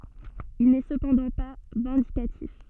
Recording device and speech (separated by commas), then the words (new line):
soft in-ear microphone, read sentence
Il n’est cependant pas vindicatif.